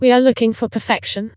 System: TTS, vocoder